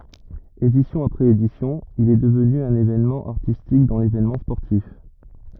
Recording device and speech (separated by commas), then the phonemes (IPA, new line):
rigid in-ear microphone, read sentence
edisjɔ̃ apʁɛz edisjɔ̃ il ɛ dəvny œ̃n evenmɑ̃ aʁtistik dɑ̃ levenmɑ̃ spɔʁtif